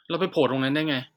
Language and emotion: Thai, frustrated